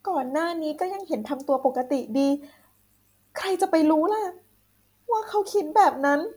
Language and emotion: Thai, sad